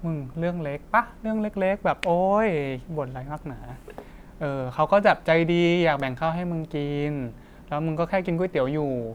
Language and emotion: Thai, frustrated